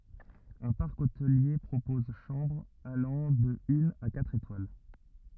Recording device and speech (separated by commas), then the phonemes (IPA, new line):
rigid in-ear microphone, read sentence
œ̃ paʁk otəlje pʁopɔz ʃɑ̃bʁz alɑ̃ də yn a katʁ etwal